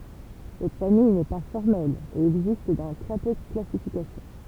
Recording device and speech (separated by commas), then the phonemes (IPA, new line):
temple vibration pickup, read sentence
sɛt famij nɛ pa fɔʁmɛl e ɛɡzist dɑ̃ tʁɛ pø də klasifikasjɔ̃